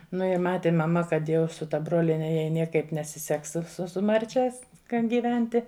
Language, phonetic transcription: Lithuanian, nu i ˈmati maˈma kad ˈjau su ta ˈbroliene jai ˈniekaip nesiˈseks su su su ˈmarčes kan gyˈventi

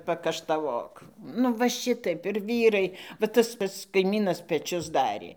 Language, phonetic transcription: Lithuanian, pakaštaˈvok nu ˈva ˈšitaip ir ˈvyrai va ˈtas ˈpats kaimynas peˈčius ˈdarė

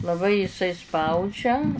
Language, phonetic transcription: Lithuanian, laˈbai iˈsai ˈspaudžia

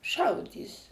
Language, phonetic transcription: Lithuanian, ˈšaudys

